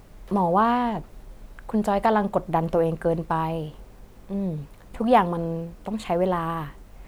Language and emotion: Thai, neutral